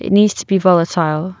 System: none